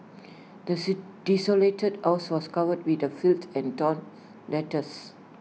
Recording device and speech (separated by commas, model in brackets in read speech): mobile phone (iPhone 6), read sentence